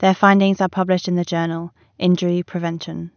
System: none